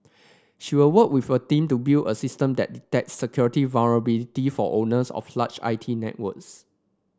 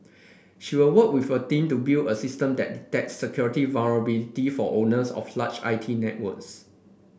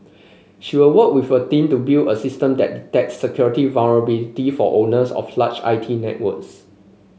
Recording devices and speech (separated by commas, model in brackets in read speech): standing microphone (AKG C214), boundary microphone (BM630), mobile phone (Samsung C5), read sentence